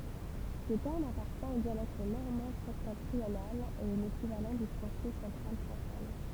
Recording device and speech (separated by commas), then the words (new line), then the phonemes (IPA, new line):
temple vibration pickup, read sentence
Ce terme appartient au dialecte normand septentrional et est l'équivalent du français central champagne.
sə tɛʁm apaʁtjɛ̃ o djalɛkt nɔʁmɑ̃ sɛptɑ̃tʁional e ɛ lekivalɑ̃ dy fʁɑ̃sɛ sɑ̃tʁal ʃɑ̃paɲ